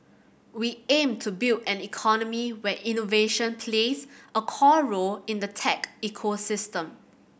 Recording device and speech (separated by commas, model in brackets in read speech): boundary microphone (BM630), read sentence